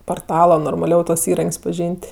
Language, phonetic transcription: Lithuanian, porˈtalo normaˈliau tuos įˈrank's' paˈžyn't'

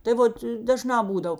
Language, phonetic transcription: Lithuanian, tai ˈvot daˈžnā ˈbūdav

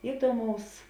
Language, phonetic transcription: Lithuanian, iˈduomaus

